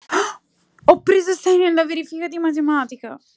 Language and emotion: Italian, surprised